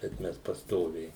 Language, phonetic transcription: Lithuanian, bet ˈmes pasˈtoviai

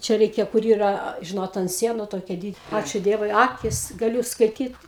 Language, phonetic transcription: Lithuanian, ˈčia ˈreikia kur ˈyra ˈžinot ant ˈsienu ˈtokie ˈdyd ˈačiu ˈdievui ˈakis gaˈliū skaiˈtyt

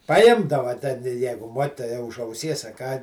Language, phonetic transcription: Lithuanian, paˈjimdava te ˈjeigu ˈmuokitoja už auˈsies a ką

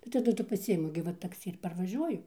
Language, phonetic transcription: Lithuanian, tai taˈdu tu paˈsiimu gi ˈva takˈsi ir parvaˈžiuoju

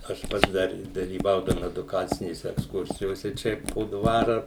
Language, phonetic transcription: Lithuanian, aš ˈpats dar dalyˈvaudavom eduˈkacinėse eksˈkursijose ˈčia po ˈdvara

